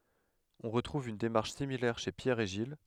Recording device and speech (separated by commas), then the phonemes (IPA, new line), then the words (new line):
headset microphone, read sentence
ɔ̃ ʁətʁuv yn demaʁʃ similɛʁ ʃe pjɛʁ e ʒil
On retrouve une démarche similaire chez Pierre et Gilles.